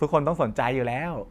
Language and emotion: Thai, happy